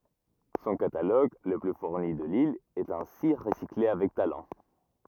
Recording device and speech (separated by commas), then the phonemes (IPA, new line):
rigid in-ear microphone, read sentence
sɔ̃ kataloɡ lə ply fuʁni də lil ɛt ɛ̃si ʁəsikle avɛk talɑ̃